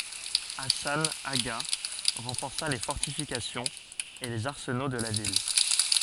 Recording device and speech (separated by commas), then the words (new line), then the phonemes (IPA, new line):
forehead accelerometer, read sentence
Hassan Agha renforça les fortifications et les arsenaux de la ville.
asɑ̃ aɡa ʁɑ̃fɔʁsa le fɔʁtifikasjɔ̃z e lez aʁsəno də la vil